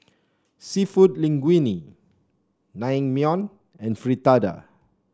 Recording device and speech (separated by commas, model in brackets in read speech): standing microphone (AKG C214), read sentence